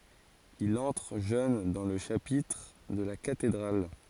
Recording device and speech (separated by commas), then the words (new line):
forehead accelerometer, read sentence
Il entre jeune dans le chapitre de la cathédrale.